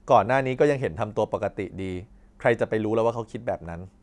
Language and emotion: Thai, neutral